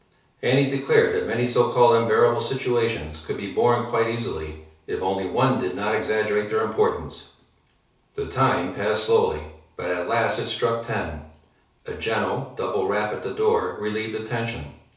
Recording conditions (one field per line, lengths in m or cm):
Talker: one person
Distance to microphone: 3.0 m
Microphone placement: far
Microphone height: 1.8 m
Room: small (3.7 m by 2.7 m)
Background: none